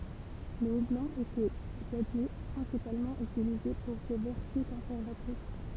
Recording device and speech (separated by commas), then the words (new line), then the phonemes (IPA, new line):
temple vibration pickup, read sentence
Le houblon était, jadis, principalement utilisé pour ses vertus conservatrices.
lə ublɔ̃ etɛ ʒadi pʁɛ̃sipalmɑ̃ ytilize puʁ se vɛʁty kɔ̃sɛʁvatʁis